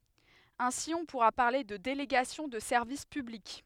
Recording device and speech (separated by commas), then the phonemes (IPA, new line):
headset microphone, read sentence
ɛ̃si ɔ̃ puʁa paʁle də deleɡasjɔ̃ də sɛʁvis pyblik